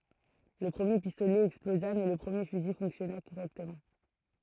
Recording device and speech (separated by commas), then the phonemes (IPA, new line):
throat microphone, read sentence
lə pʁəmje pistolɛ ɛksploza mɛ lə pʁəmje fyzi fɔ̃ksjɔna koʁɛktəmɑ̃